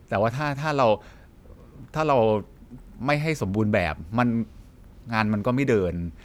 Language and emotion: Thai, neutral